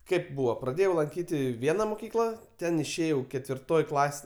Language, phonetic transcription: Lithuanian, ˈkėp ˈbūvo praˈdėjau lanˈkyti ˈviena muˈkykla ˈten išˈėjau ketvirˈtoj ˈklas

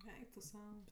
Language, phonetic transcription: Lithuanian, ˈeik tu ˈsau

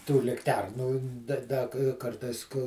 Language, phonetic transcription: Lithuanian, tų likˈternų da ˈda k ˈkartais ku

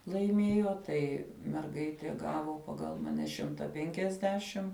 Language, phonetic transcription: Lithuanian, laiˈmėjo ˈtai merˈgaitė ˈgavo ˈpagal maˈne ˈšimta ˈpenkiasdešim

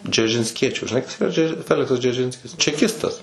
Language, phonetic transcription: Lithuanian, džeržinsˈkiečių žiˈnai kas yˈra ˈdže ˈfeliksas džerˈžinskis čeˈkistas

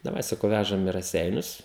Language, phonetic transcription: Lithuanian, daˈvai saˈkau ˈvæžam i raˈseinius

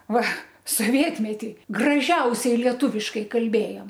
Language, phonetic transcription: Lithuanian, ˈva soˈvietmeti graˈžiausiai lieˈtūviškai kalˈbėjom

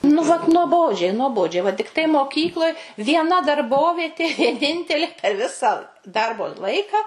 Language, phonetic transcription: Lithuanian, nu vat nuoˈbodžiai nuoˈbodžiai va tikˈtai moˈkykloj vieˈna darˈbovietė vieˈnintelė per ˈvisą ˈdarbo ˈlaika

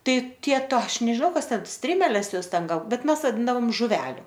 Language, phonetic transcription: Lithuanian, ˈtai ˈtie ˈto ˈaš nežiˈnau ˈkas ˈten ˈstrimeles ˈjos ˈten ˈgal ˈbet ˈmes vaˈdindavom žuˈveliu

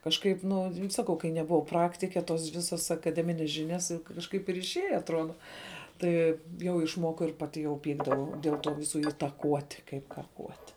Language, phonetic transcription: Lithuanian, kažˈkaip ˈnu ˈsakau kai nebuˈvau ˈpraktike tos ˈvisos akaˈdemines ˈžinias juk kažˈkaip ir išˈėja atˈruoda ˈtai jau išˈmokau ir ˈpaˌti jau ˈpykdavau dėl ˈtų ˈvisu itaˈkuoti kaip kaˈkuoti

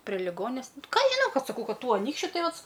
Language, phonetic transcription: Lithuanian, prie liˈgones ˈką aš žiˈnau ˈkad saˈkau ˈkad ˈtų aˈnykščiu ˈtai ˈvat

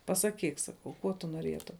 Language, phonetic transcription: Lithuanian, pasaˈkyk ˈsakau ˈkuo tu nuoˈrietum

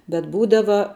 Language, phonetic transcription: Lithuanian, bet ˈbūdava

